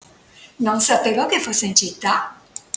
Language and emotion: Italian, surprised